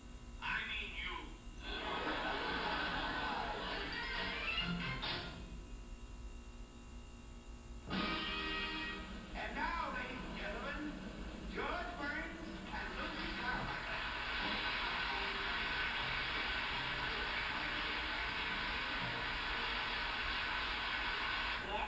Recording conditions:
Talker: no one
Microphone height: 1.8 m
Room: large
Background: television

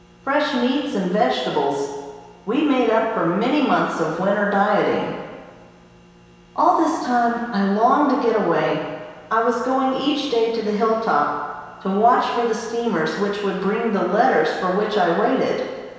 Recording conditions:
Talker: one person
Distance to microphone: 1.7 m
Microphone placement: close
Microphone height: 1.0 m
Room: very reverberant, large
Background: none

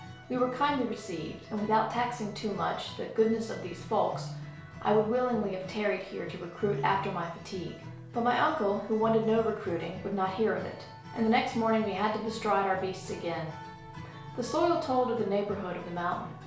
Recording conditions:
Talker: one person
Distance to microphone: 1.0 m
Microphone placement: close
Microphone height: 1.1 m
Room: small (3.7 m by 2.7 m)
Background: music

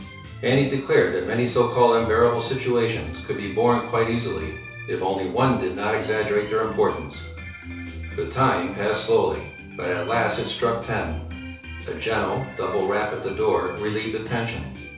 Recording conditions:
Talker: one person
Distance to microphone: 3.0 m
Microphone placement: far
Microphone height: 1.8 m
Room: small (3.7 m by 2.7 m)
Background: music

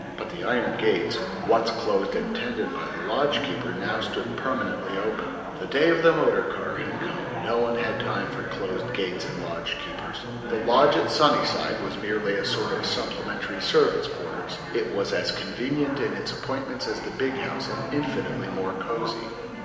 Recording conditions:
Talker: one person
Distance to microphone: 1.7 m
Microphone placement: close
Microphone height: 1.0 m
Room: very reverberant, large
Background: babble

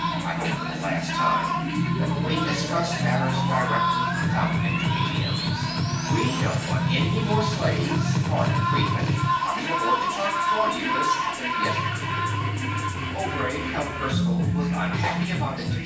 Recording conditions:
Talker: one person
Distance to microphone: 9.8 m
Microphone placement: far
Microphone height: 1.8 m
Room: large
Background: music

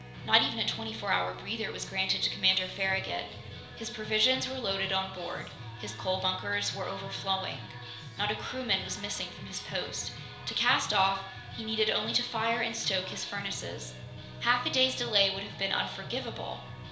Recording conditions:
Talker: one person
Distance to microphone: 1.0 m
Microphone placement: close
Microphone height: 1.1 m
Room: small (3.7 m by 2.7 m)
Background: music

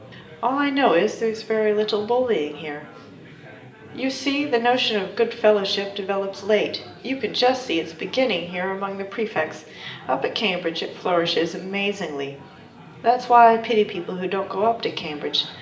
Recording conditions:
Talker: one person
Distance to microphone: 1.8 m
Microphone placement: close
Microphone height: 1.0 m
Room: large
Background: babble

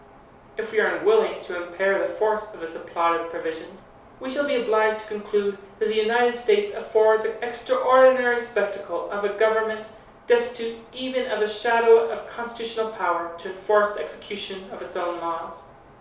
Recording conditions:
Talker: one person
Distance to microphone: 3.0 m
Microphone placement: far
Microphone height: 1.8 m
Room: small (3.7 m by 2.7 m)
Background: none

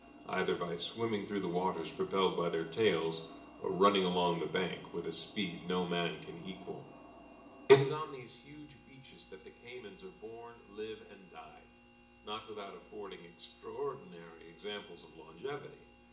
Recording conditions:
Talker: one person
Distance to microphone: 1.8 m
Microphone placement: close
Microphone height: 1.0 m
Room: large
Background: none

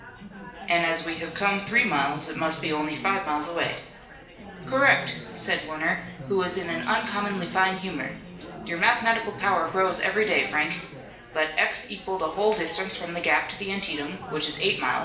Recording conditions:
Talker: one person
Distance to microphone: 1.8 m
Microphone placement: close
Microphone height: 1.0 m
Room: large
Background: babble

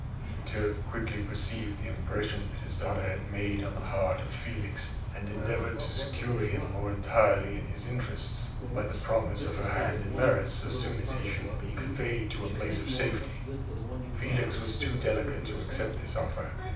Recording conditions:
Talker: one person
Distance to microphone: 5.8 m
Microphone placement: far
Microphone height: 1.8 m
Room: medium-sized (5.7 m by 4.0 m)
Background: television

